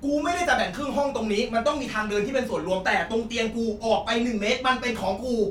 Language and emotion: Thai, angry